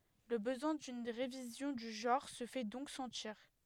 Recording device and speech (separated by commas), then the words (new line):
headset microphone, read sentence
Le besoin d'une révision du genre se fait donc sentir.